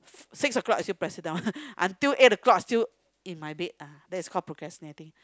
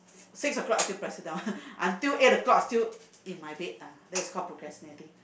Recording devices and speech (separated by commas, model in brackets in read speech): close-talking microphone, boundary microphone, conversation in the same room